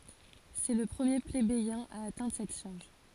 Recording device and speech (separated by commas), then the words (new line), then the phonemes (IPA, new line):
forehead accelerometer, read sentence
C'est le premier plébéien à atteindre cette charge.
sɛ lə pʁəmje plebejɛ̃ a atɛ̃dʁ sɛt ʃaʁʒ